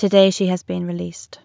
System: none